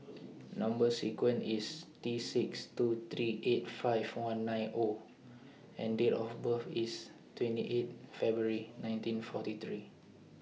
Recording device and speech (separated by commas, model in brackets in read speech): mobile phone (iPhone 6), read sentence